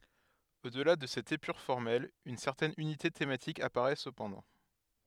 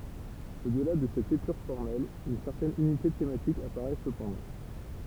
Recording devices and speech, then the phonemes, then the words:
headset microphone, temple vibration pickup, read sentence
o dəla də sɛt epyʁ fɔʁmɛl yn sɛʁtɛn ynite tematik apaʁɛ səpɑ̃dɑ̃
Au-delà de cette épure formelle, une certaine unité thématique apparaît cependant.

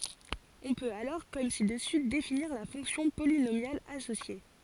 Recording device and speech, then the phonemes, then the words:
forehead accelerometer, read sentence
ɔ̃ pøt alɔʁ kɔm si dəsy definiʁ la fɔ̃ksjɔ̃ polinomjal asosje
On peut alors comme ci-dessus définir la fonction polynomiale associée.

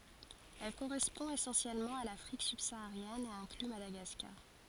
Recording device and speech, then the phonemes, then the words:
forehead accelerometer, read sentence
ɛl koʁɛspɔ̃ esɑ̃sjɛlmɑ̃ a lafʁik sybsaaʁjɛn e ɛ̃kly madaɡaskaʁ
Elle correspond essentiellement à l'Afrique subsaharienne et inclut Madagascar.

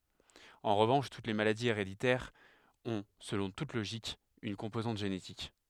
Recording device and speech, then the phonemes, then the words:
headset microphone, read sentence
ɑ̃ ʁəvɑ̃ʃ tut le maladiz eʁeditɛʁz ɔ̃ səlɔ̃ tut loʒik yn kɔ̃pozɑ̃t ʒenetik
En revanche, toutes les maladies héréditaires ont, selon toute logique, une composante génétique.

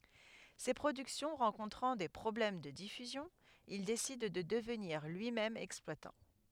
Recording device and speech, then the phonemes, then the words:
headset microphone, read sentence
se pʁodyksjɔ̃ ʁɑ̃kɔ̃tʁɑ̃ de pʁɔblɛm də difyzjɔ̃ il desid də dəvniʁ lyimɛm ɛksplwatɑ̃
Ses productions rencontrant des problèmes de diffusion, il décide de devenir lui-même exploitant.

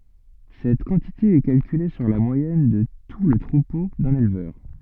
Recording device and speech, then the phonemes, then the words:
soft in-ear microphone, read sentence
sɛt kɑ̃tite ɛ kalkyle syʁ la mwajɛn də tu lə tʁupo dœ̃n elvœʁ
Cette quantité est calculée sur la moyenne de tout le troupeau d'un éleveur.

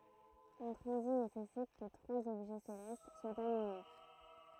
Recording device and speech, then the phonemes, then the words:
throat microphone, read sentence
œ̃ tʁɑ̃zit nesɛsit kə tʁwaz ɔbʒɛ selɛst swat aliɲe
Un transit nécessite que trois objets célestes soient alignés.

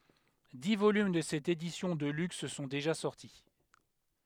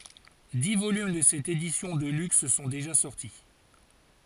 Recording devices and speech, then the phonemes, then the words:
headset microphone, forehead accelerometer, read sentence
di volym də sɛt edisjɔ̃ də lyks sɔ̃ deʒa sɔʁti
Dix volumes de cette édition de luxe sont déjà sortis.

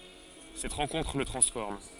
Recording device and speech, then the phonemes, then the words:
forehead accelerometer, read sentence
sɛt ʁɑ̃kɔ̃tʁ lə tʁɑ̃sfɔʁm
Cette rencontre le transforme.

